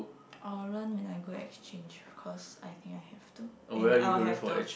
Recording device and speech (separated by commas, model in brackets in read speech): boundary microphone, conversation in the same room